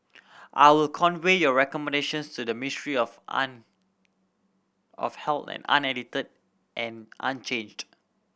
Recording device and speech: boundary microphone (BM630), read sentence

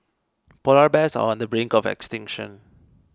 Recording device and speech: close-talking microphone (WH20), read sentence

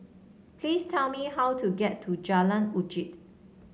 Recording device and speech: mobile phone (Samsung C7), read sentence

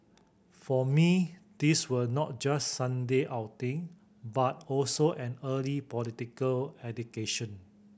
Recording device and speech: boundary microphone (BM630), read sentence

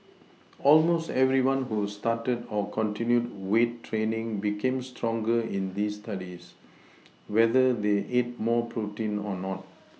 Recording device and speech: mobile phone (iPhone 6), read sentence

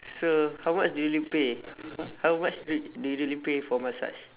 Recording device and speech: telephone, conversation in separate rooms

